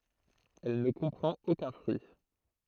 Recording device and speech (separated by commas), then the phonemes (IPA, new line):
throat microphone, read sentence
ɛl nə kɔ̃pʁɑ̃t okœ̃ fʁyi